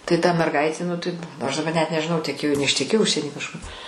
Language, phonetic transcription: Lithuanian, tai ta merˈgaitė nu ˈtaip ˈaš daˈba net nežiˈnau teˈkėjo neišteˈkėjo ˈužsieny kažˈkur

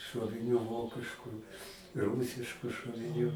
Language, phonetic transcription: Lithuanian, šuoviˈnių ˈvokiškų ˈrūsiškų šoviˈnių

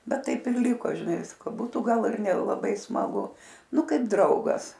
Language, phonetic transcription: Lithuanian, ˈbet ˈtaip ir ˈliko žiˈnai ˈvisko ˈbūtu ˈgal ir nelaˈbai smaˈgu ˈnu ˈkaip ˈdraugas

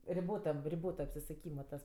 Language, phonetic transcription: Lithuanian, riˈbotam riˈbota apsisuˈkyma tas

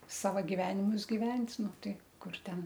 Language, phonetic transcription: Lithuanian, ˈsava giˈvenimus giˈvent' ˈnu ˈtai ˈkur ˈten

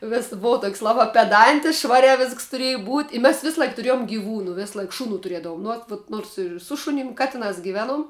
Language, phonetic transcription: Lithuanian, ˈvis ˈbova tok's' ˈlabā peˈdantis ˈšvariā ˈvisks tuˈrėju būt' i mes ˈvislaik tuˈrėjom giˈvūnu ˈvislaik ˈšuˌnų tuˈriedavum nu ˈot vot ˈnors ir ˈsu šunim ˈkatiˌnās giˈveˌnuom

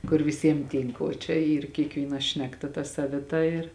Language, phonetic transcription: Lithuanian, kur viˈsiem ˈtynk o čia ˈyr kiekˈvyna ˈšnekˌta ta saviˈta ir

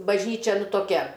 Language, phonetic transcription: Lithuanian, bažˈnyčia ˈnu toˈkia

